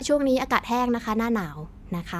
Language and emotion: Thai, neutral